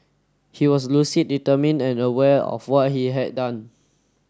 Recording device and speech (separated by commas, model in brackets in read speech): standing microphone (AKG C214), read sentence